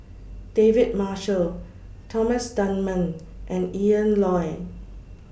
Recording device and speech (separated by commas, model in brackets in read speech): boundary microphone (BM630), read sentence